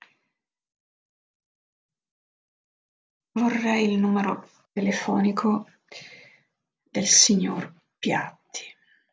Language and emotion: Italian, sad